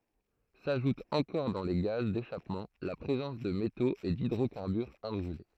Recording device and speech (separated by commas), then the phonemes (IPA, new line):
throat microphone, read sentence
saʒut ɑ̃kɔʁ dɑ̃ le ɡaz deʃapmɑ̃ la pʁezɑ̃s də metoz e didʁokaʁbyʁz ɛ̃bʁyle